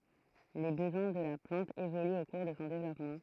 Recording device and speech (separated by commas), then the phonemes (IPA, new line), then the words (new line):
throat microphone, read sentence
le bəzwɛ̃ də la plɑ̃t evolyt o kuʁ də sɔ̃ devlɔpmɑ̃
Les besoins de la plante évoluent au cours de son développement.